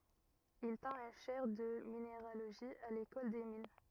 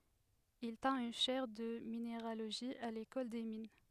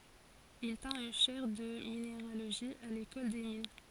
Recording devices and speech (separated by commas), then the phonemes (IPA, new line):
rigid in-ear microphone, headset microphone, forehead accelerometer, read sentence
il tɛ̃t yn ʃɛʁ də mineʁaloʒi a lekɔl de min